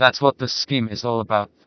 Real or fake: fake